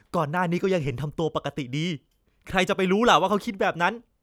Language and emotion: Thai, frustrated